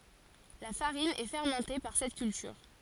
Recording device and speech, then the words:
forehead accelerometer, read sentence
La farine est fermentée par cette culture.

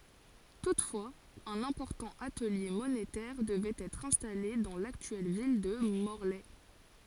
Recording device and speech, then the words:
forehead accelerometer, read sentence
Toutefois, un important atelier monétaire devait être installé dans l’actuelle ville de Morlaix.

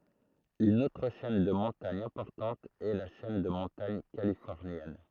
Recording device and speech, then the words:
throat microphone, read sentence
Une autre chaîne de montagne importante est la chaîne de montagne californienne.

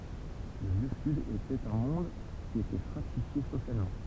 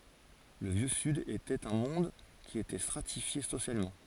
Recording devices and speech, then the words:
temple vibration pickup, forehead accelerometer, read sentence
Le Vieux Sud était un monde qui était stratifié socialement.

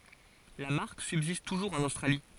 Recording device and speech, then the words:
forehead accelerometer, read sentence
La marque subsiste toujours en Australie.

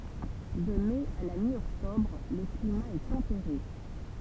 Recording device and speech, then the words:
temple vibration pickup, read sentence
De mai à la mi-octobre, le climat est tempéré.

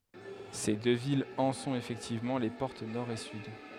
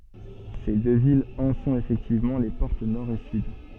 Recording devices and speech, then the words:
headset microphone, soft in-ear microphone, read sentence
Ces deux villes en sont effectivement les portes nord et sud.

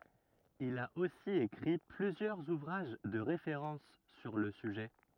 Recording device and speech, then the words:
rigid in-ear microphone, read sentence
Il a aussi écrit plusieurs ouvrages de référence sur le sujet.

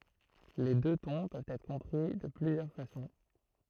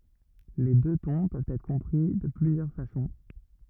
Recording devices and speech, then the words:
throat microphone, rigid in-ear microphone, read sentence
Les deux tons peuvent être compris de plusieurs façons.

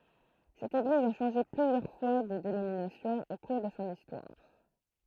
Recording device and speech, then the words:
throat microphone, read sentence
Cette Église a changé plusieurs fois de dénomination au cours de son histoire.

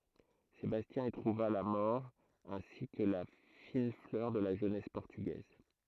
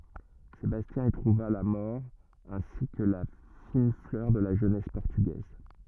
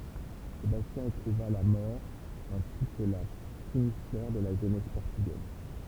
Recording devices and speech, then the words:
throat microphone, rigid in-ear microphone, temple vibration pickup, read sentence
Sébastien y trouva la mort ainsi que la fine fleur de la jeunesse portugaise.

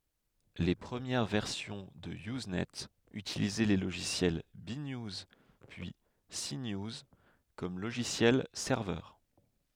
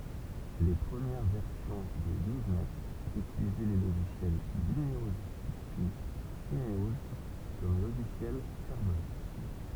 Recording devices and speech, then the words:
headset microphone, temple vibration pickup, read sentence
Les premières versions de Usenet utilisaient les logiciels B-News, puis C-News comme logiciels serveurs.

